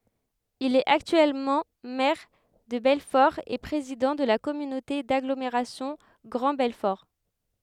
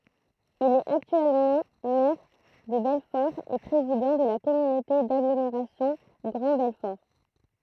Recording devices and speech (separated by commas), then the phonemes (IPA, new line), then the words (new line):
headset microphone, throat microphone, read sentence
il ɛt aktyɛlmɑ̃ mɛʁ də bɛlfɔʁ e pʁezidɑ̃ də la kɔmynote daɡlomeʁasjɔ̃ ɡʁɑ̃ bɛlfɔʁ
Il est actuellement maire de Belfort et président de la communauté d'agglomération Grand Belfort.